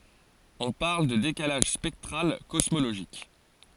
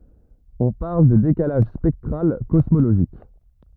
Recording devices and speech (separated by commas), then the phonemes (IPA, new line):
forehead accelerometer, rigid in-ear microphone, read sentence
ɔ̃ paʁl də dekalaʒ spɛktʁal kɔsmoloʒik